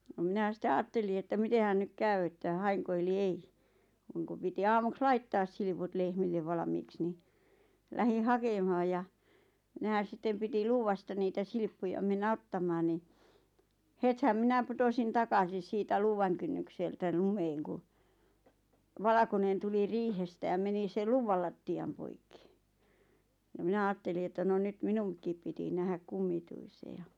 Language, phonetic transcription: Finnish, no 'minä sⁱt(e) "aatteli että 'mitehän nyk "käy että "haeŋko eli "ei , (j)oŋku piti 'aamuks "laittaas silput lehmillev 'valᵃmiiks ni , 'lähiⁿ "hake(mᵃhaj) ja , 'nehän 'sittem piti 'luuvasta niitä "silʿⁱʾppuja mennä 'ottamaan ni , 'hethäm "mⁱnä 'putosin 'takasis siitä "luuvaŋ kynnykseltä 'lumeeŋ ku , "valᵃkonen tuli "riihestä ja meni sel "luvval latti₍am poikki , ja 'mⁱnä "aatteli että no 'nyt "minuŋk̆kìp piti "nähäk "kummituise ja ,.
- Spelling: no minä sitten ajattelin että mitenhän nyt käy että haenko eli ei jonkun piti aamuksi laittaa silput lehmille valmiiksi niin lähdin hakemaan ja nehän sitten piti luuvasta niitä silppuja mennä ottamaan niin hetihän minä putosin takaisin siitä luuvan kynnykseltä lumeen kun valkoinen tuli riihestä ja meni sen luuvan lattian poikki ja minä ajattelin että no nyt minunkin piti nähdä kummituisen ja

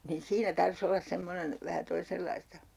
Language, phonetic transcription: Finnish, nin "siinä 'tar's ‿ollas 'semmonen , vähä 'toisellaista .
- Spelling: niin siinä tarvitsisi olla semmoinen vähän toisenlaista

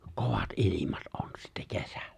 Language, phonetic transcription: Finnish, 'kovat '’ilimat ’on sittä 'kesᴀ̈ʟʟᴀ̈ .
- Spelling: kovat ilmat on sitten kesällä

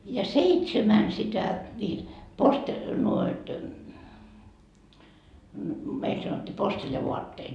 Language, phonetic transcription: Finnish, ja 'seitsemän sitä , ńiit , poste- , nuoit , meil sanot́t́ii 'posteljavuatteet .
- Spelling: ja seitsemän sitä niitä - noita meillä sanottiin posteljavaatteet

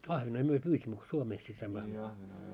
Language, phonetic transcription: Finnish, 'ahvenoi 'myö 'pyysimmö ko 'Suomeeski saimmo ahvenoi .
- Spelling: ahvenia me pyysimme kun Suomessakin saimme ahvenia

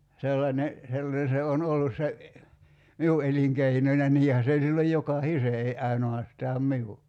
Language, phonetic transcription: Finnish, 'sellańe , 'sellane se on 'ollus se , "miu 'eliŋkeinoń ja 'niihä se oĺ silloj 'joka"hise ei 'aino₍astaam "miu .
- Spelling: sellainen sellainen se on ollut se minun elinkeinoni ja niinhän se oli silloin jokaisen ei ainoastaan minun

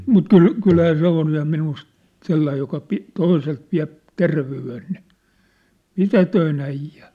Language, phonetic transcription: Finnish, 'mut 'kyl , 'kylhä 'se ‿on̳ ja minust , 'sellaij joka pi- , 'toiselt viä̭p , 'tervey₍en ni , "mitätöi'n ‿äij̆jä !
- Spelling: mutta kyllä kyllähän se on ja minusta sellainen joka - toiselta vie terveyden niin mitätön äijä

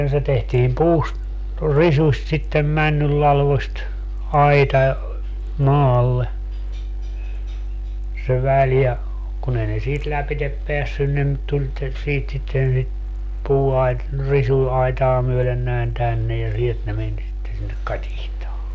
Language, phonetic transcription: Finnish, se 'tehtiim "puust , "risuśt sittem 'männyllalvost , "aita , 'maalle , se 'väl ja , kun ‿ei ne 'siit 'läpitep 'peässyn ne ‿m 'tuĺ te- , 'siit sitten sit , 'puuait- , 'risuaitaa myölen näin 'tänne ja 'sielt ne 'men sitte sinnek "katihtaa .
- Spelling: se tehtiin puusta risuista sitten männynlatvoista aita maalle se väli ja kun ei ne siitä lävitse päässyt ne - tuli - siitä sitten sitä - risuaitaa myöden näin tänne ja sieltä ne meni sitten sinne katiskaan

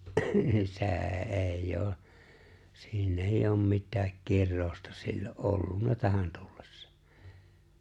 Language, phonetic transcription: Finnish, ni 'se̬e̬ '’è̬ijj ‿oo , sii'n ‿èijj ‿oom 'mittääk 'kirroousta sillo’ '’ollunna 'tähän tullᴇssᴀ .
- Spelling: niin se ei ole siinä ei ole mitään kirousta silloin ollut tähän tullessa

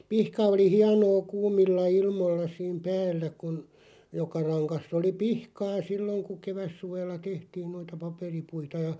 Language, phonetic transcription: Finnish, 'pihka oli 'hianoo "kuumilla 'ilmoⁱlla siim "päällä kun , 'joka raŋkass ‿oli "pihkaa 'silloŋ ku "kevässuvella "tehtiin 'noita 'paperipuita ja ,.
- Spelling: pihka oli hienoa kuumilla ilmoilla siinä päällä kun joka rangassa oli pihkaa silloin kun kevätsuvella tehtiin noita paperipuita ja

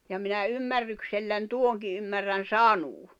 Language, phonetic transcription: Finnish, ja minä 'ymmärryksellän 'tuoŋki ymmärrän̬ "sanuu .
- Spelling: ja minä ymmärrykselläni tuonkin ymmärrän sanoa

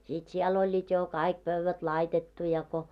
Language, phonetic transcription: Finnish, sit siɛl ‿oĺĺiit jo "kaik 'pövvät 'laitettu ja ko .
- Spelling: sitten siellä olivat jo kaikki pöydät laitettu ja kun

